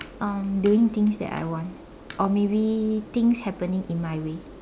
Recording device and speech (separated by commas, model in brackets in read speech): standing microphone, conversation in separate rooms